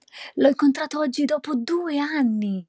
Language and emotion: Italian, surprised